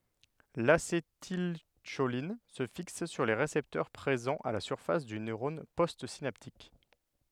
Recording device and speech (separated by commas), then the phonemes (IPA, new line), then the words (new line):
headset microphone, read sentence
lasetilʃolin sə fiks syʁ le ʁesɛptœʁ pʁezɑ̃z a la syʁfas dy nøʁɔn postsinaptik
L'acétylcholine se fixe sur les récepteurs présents à la surface du neurone postsynaptique.